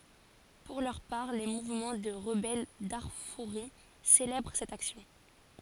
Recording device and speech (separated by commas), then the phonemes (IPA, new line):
forehead accelerometer, read sentence
puʁ lœʁ paʁ le muvmɑ̃ də ʁəbɛl daʁfuʁi selɛbʁ sɛt aksjɔ̃